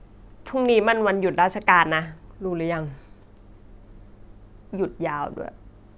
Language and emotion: Thai, frustrated